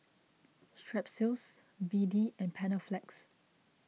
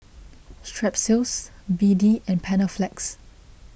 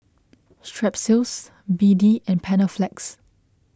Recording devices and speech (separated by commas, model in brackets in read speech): mobile phone (iPhone 6), boundary microphone (BM630), close-talking microphone (WH20), read sentence